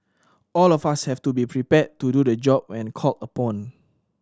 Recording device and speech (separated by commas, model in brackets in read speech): standing microphone (AKG C214), read sentence